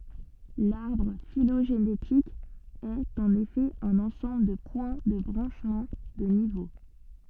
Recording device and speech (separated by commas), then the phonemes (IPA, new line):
soft in-ear microphone, read sentence
laʁbʁ filoʒenetik ɛt ɑ̃n efɛ œ̃n ɑ̃sɑ̃bl də pwɛ̃ də bʁɑ̃ʃmɑ̃ də nivo